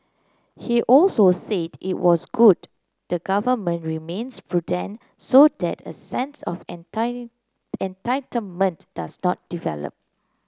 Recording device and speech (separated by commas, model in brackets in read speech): close-talking microphone (WH30), read sentence